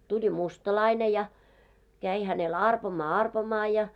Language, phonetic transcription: Finnish, 'tuĺi "mustalaine ja , 'käi hänel "arpomaa "arpomaa ja .
- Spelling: tuli mustalainen ja kävi hänelle arpomaan arpomaan ja

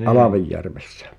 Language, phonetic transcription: Finnish, ’Alavejjärvessᴀ̈ ?
- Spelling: Alvejärvessä

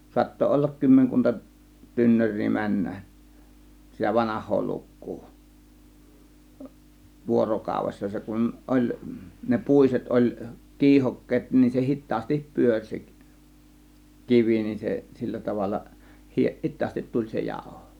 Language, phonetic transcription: Finnish, 'suatto 'ollak 'kymmeŋkunta , 'tynnör̆rii 'männäˀ , sitä 'vanah̆hoo 'lukkuu , 'vuorokàuvessa 'se kun oĺ , ne 'pùiset 'oĺ , "kiihokkeet nin se 'hit̆taastip 'pyöŕ se , "kivi nin 'se 'sillä tavalla 'hi- , "hit̆taastit 'tuĺ se 'jàȯho .
- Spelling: saattoi olla kymmenkunta tynnyriä mennä sitä vanhaa lukua vuorokaudessa se kun oli ne puiset oli kiihokkeet niin se hitaasti pyöri se kivi niin se sillä tavalla - hitaasti tuli se jauho

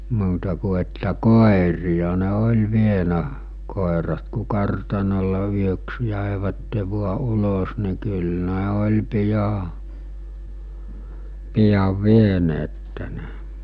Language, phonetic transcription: Finnish, muuta ku että 'kòerija ne 'oĺ vienä , kòerat ku 'kartanol̆le 'yöks 'jä̀evätte 'vua 'ulos ni̬ kyl 'ne oĺ pija , pijav 'vieneette ne .
- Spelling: muuta kuin että koiria ne oli vienyt koirat kun kartanolle yöksi jäivät vain ulos niin kyllä ne oli pian pian vieneet ne

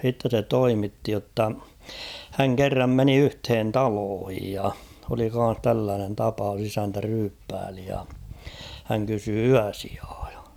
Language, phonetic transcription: Finnish, h̬itte se 'toimitti jotta , 'häŋ "kerram 'meni 'yhthen "taloohij ja , oli kan̬s 'tälläänen 'tapaus 'isäntä 'ryyppääli ja , häŋ kysy "yäsɪᴀᴀ ᴊᴀ .
- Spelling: sitten se toimitti jotta hän kerran meni yhteen taloon ja oli kanssa tällainen tapaus isäntä ryyppäili ja hän kysyi yösijaa ja

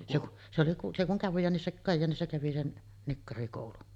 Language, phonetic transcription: Finnish, se kuˀ , se kuŋ 'Kajjaanissa , 'Kajjaanissa kävi sen , 'nikkarikòulun .
- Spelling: se kun se kun Kajaanissa Kajaanissa kävi sen nikkarikoulun

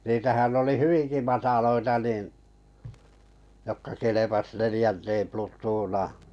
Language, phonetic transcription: Finnish, niitähän oli "hyviŋki 'mataloita nìn , jokka kelepas 'nelⁱjänteem 'plut̆tuunaa .
- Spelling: niitähän oli hyvinkin matalia niin jotka kelpasi neljänteen plutoonaan

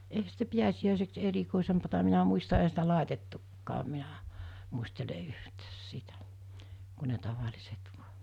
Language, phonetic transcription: Finnish, eihä sitä 'piäsi₍ä̀iseks 'erikòisempata minä muista ehä sitä 'làetettukkaam minä , muistele 'yhtäs "sitä , ku ne 'taval̜iset vuᴀ .
- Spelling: eihän sitä pääsiäiseksi erikoisempaa minä muista eihän sitä laitettukaan minä muistele yhtään sitä kun ne tavalliset vain

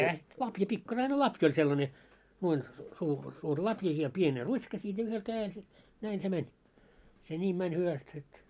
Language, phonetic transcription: Finnish, kä- , 'lapja pikkaraine "lapj ‿oĺ 'sellane , nuoin , suu- suur 'lapja ja pien 'rut́ška siit ja yhel 'kää₍el se , 'näin se "mɛń , se "ńiim 'mäń hyväst sit .
- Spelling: - lapio pikkarainen lapio oli sellainen noin - suuri lapio ja pieni ruttska siitä ja yhden kädellä se näin se meni se niin meni hyvästi sitten

